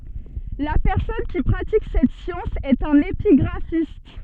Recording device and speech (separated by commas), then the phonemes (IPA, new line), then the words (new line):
soft in-ear microphone, read sentence
la pɛʁsɔn ki pʁatik sɛt sjɑ̃s ɛt œ̃n epiɡʁafist
La personne qui pratique cette science est un épigraphiste.